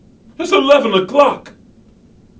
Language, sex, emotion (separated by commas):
English, male, fearful